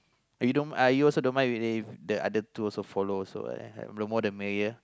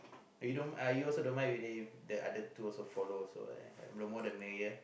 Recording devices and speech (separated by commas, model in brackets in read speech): close-talking microphone, boundary microphone, conversation in the same room